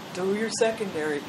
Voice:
droning voice